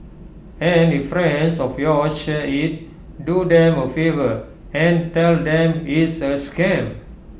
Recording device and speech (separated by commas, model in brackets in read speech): boundary microphone (BM630), read sentence